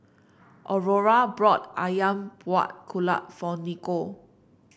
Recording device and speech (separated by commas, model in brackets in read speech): boundary microphone (BM630), read sentence